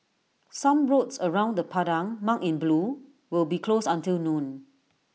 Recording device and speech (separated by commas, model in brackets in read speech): mobile phone (iPhone 6), read sentence